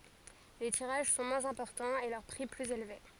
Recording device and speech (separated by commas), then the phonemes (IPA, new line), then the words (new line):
forehead accelerometer, read sentence
le tiʁaʒ sɔ̃ mwɛ̃z ɛ̃pɔʁtɑ̃z e lœʁ pʁi plyz elve
Les tirages sont moins importants et leur prix plus élevé.